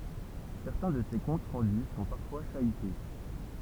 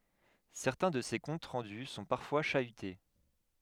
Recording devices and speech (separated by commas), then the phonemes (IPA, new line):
temple vibration pickup, headset microphone, read sentence
sɛʁtɛ̃ də se kɔ̃t ʁɑ̃dy sɔ̃ paʁfwa ʃayte